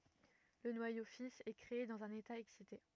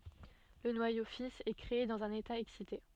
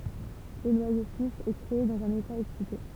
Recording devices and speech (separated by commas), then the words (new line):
rigid in-ear microphone, soft in-ear microphone, temple vibration pickup, read sentence
Le noyau fils est créé dans un état excité.